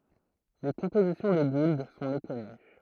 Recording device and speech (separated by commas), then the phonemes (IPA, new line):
throat microphone, read sentence
le kɔ̃pozisjɔ̃ də ɡuld sɔ̃ mekɔny